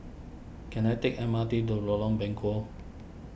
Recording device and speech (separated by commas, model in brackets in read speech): boundary microphone (BM630), read sentence